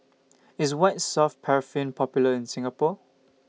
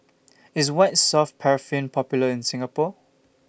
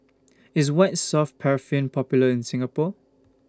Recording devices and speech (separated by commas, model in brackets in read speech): mobile phone (iPhone 6), boundary microphone (BM630), standing microphone (AKG C214), read sentence